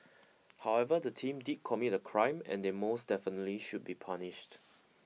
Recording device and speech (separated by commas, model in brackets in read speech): mobile phone (iPhone 6), read sentence